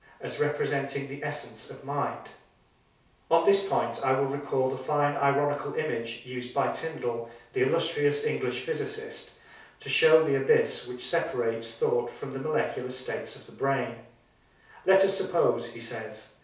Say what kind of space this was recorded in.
A small space (about 3.7 m by 2.7 m).